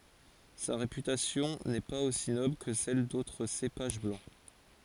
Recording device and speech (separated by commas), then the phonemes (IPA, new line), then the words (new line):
forehead accelerometer, read sentence
sa ʁepytasjɔ̃ nɛ paz osi nɔbl kə sɛl dotʁ sepaʒ blɑ̃
Sa réputation n'est pas aussi noble que celle d'autres cépages blancs.